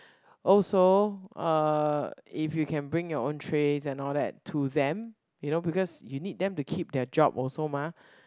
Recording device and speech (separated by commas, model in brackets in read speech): close-talking microphone, conversation in the same room